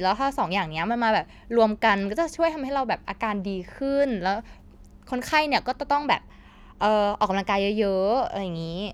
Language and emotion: Thai, neutral